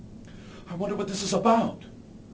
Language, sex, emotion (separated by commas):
English, male, fearful